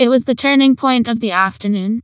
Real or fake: fake